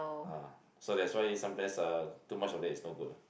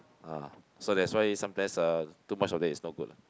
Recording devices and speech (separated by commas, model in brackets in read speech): boundary microphone, close-talking microphone, conversation in the same room